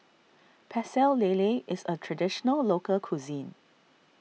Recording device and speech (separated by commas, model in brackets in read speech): mobile phone (iPhone 6), read sentence